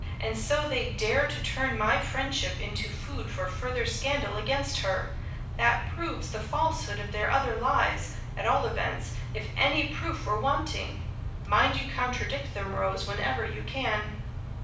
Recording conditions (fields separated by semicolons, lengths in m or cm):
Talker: one person; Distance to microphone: 5.8 m; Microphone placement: far; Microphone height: 1.8 m; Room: medium-sized (5.7 m by 4.0 m); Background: none